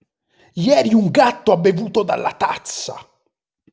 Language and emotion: Italian, angry